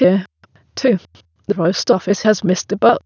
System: TTS, waveform concatenation